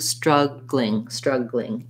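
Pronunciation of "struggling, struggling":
In 'struggling', the g and l run together as a gl blend, so the word ends in 'gling'.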